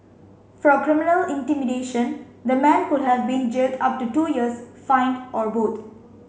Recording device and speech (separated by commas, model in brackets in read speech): mobile phone (Samsung C5), read sentence